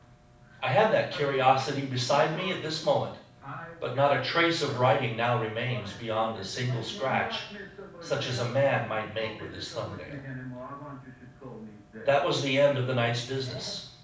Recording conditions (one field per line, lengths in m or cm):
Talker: one person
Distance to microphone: 5.8 m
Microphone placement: far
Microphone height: 1.8 m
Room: medium-sized (5.7 m by 4.0 m)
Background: television